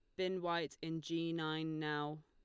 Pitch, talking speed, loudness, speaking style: 160 Hz, 175 wpm, -40 LUFS, Lombard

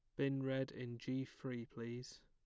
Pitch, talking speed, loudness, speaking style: 130 Hz, 175 wpm, -44 LUFS, plain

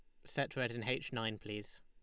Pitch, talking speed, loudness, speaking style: 120 Hz, 230 wpm, -40 LUFS, Lombard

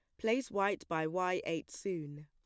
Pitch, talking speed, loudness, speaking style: 180 Hz, 175 wpm, -36 LUFS, plain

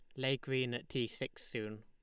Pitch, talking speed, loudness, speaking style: 120 Hz, 220 wpm, -39 LUFS, Lombard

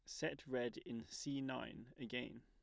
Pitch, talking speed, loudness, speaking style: 125 Hz, 160 wpm, -46 LUFS, plain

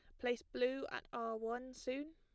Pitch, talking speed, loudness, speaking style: 245 Hz, 185 wpm, -42 LUFS, plain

